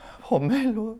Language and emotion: Thai, sad